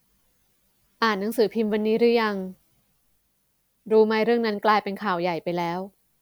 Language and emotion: Thai, neutral